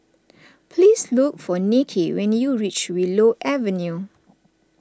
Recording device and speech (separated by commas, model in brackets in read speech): standing microphone (AKG C214), read sentence